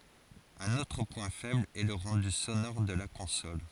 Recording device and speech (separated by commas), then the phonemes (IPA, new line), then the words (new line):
forehead accelerometer, read sentence
œ̃n otʁ pwɛ̃ fɛbl ɛ lə ʁɑ̃dy sonɔʁ də la kɔ̃sɔl
Un autre point faible est le rendu sonore de la console.